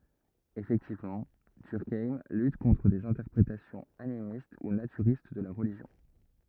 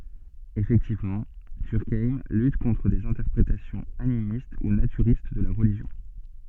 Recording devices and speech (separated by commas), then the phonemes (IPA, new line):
rigid in-ear microphone, soft in-ear microphone, read sentence
efɛktivmɑ̃ dyʁkajm lyt kɔ̃tʁ dez ɛ̃tɛʁpʁetasjɔ̃z animist u natyʁist də la ʁəliʒjɔ̃